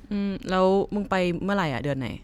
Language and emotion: Thai, neutral